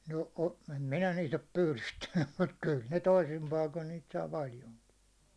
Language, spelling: Finnish, no - en minä niitä ole pyydystänyt mutta kyllä ne toisin paikoin niitä saa paljonkin
- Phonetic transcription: no o- , em 'minä niit ‿op 'pylystännym mut kyl ne 'toisim paikon niit saa 'paljoŋki .

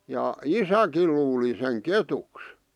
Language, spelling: Finnish, ja isäkin luuli sen ketuksi
- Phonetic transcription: ja "isäkil luuli seŋ "ketuks .

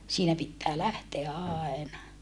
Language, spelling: Finnish, siinä pitää lähteä aina
- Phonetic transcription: siinä pittää lähteä àena .

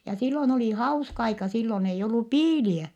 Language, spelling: Finnish, ja silloin oli hauska aika silloin ei ollut piilejä
- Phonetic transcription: ja silloⁱn oli hauska aika sillon eij ‿ollu piiliä .

